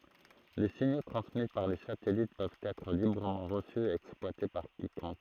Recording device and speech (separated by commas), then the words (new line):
throat microphone, read sentence
Les signaux transmis par les satellites peuvent être librement reçus et exploités par quiconque.